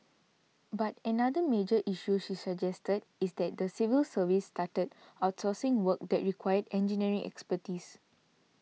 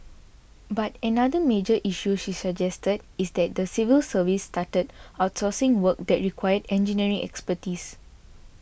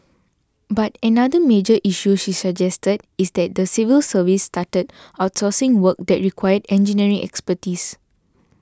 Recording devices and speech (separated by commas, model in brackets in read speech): mobile phone (iPhone 6), boundary microphone (BM630), standing microphone (AKG C214), read sentence